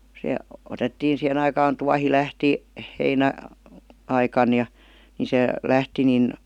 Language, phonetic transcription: Finnish, se 'otettiin̬ 'sihen ‿aikaan 'tuahi 'lähti , 'heinä- , '-aikan ja , 'ni se , 'lähti nin ,.
- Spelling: se otettiin siihen aikaan tuohi lähti - heinäaikana ja niin se lähti niin

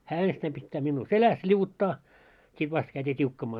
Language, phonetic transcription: Finnish, 'hää 'enstäim pittää minnuu "seläs ĺiuvuttaa , 'sit 'vast käyt́ii 't́iukkamaa .
- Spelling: hän ensittäin pitää minua selässä liu'uttaa sitten vasta käytiin tiukkamaan

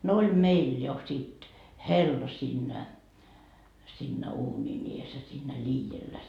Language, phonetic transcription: Finnish, no oĺ "meil jo sit , "hella siinnä , siinnä 'uuńin ‿ies ja siinnä 'ĺiijellä .
- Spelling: no oli meillä jo sitten hella siinä siinä uunin edessä ja siinä liedellä

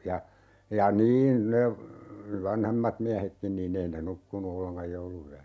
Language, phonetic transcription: Finnish, ja , ja "niin , ne , "vanhemmat 'miähekkin niin'n ‿ei ne 'nukkunu 'olleŋkaj "joulu₍yä(nä) .
- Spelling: ja ja niin ne vanhemmat miehetkin niin ei ne nukkunut ollenkaan jouluyönä

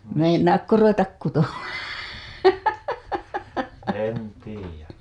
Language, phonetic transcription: Finnish, 'meinaakko 'ruvetak kuto(maan) .
- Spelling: meinaatko ruveta kutomaan

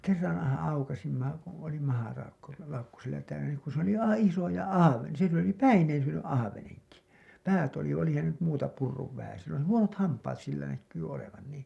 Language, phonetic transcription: Finnish, 'kerranhaa̰ aukasimma , kuṵ oli maharaukko , -laukku sillä täynä nìŋ kun̬ s ‿oli 'aiv(aa̰) 'isoja 'ahaveniʲa , sill ‿oli , "päineen syöny’ ’ahaveneŋki , 'päät oli , olihan se nyt muuta purruv vähäsen̬ , sill ‿oli "huonot 'hampaat sillä näkkyy olevan nii .
- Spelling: kerranhan aukaisimme kun oli - mahalaukku sillä täynnä niin kun se oli aivan isoja ahvenia sillä oli päineen syönyt ahvenenkin päät oli olihan se nyt muuta purrut vähäisen sillä oli huonot hampaat sillä näkyi olevan niin

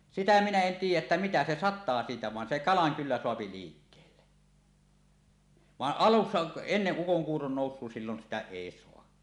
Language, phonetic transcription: Finnish, sitä 'minä en 'tiij̆jäˀ ˀettä "mitä se "sat̆taa siitä van se "kalaŋ kyllä 'soapi 'liikkeelle , vaˀ "ˀalussa , 'enneˀ 'ˀukoŋkuuron 'nòus̆suo sillon sitä 'èi soa .
- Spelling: sitä minä en tiedä että mitä se sataa siitä vaan se kalan kyllä saa liikkeelle vaan alussa ennen ukonkuuron nousua silloin sitä ei saa

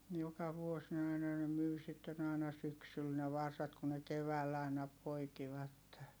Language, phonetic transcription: Finnish, joka vuos ne aina ne myi sitten ‿ài̮na syksyl ne varsat ku ne kevääll ‿ài̮na poikivatte .
- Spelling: joka vuosi ne aina ne myi sitten aina syksyllä ne varsat kun ne keväällä aina poikivat

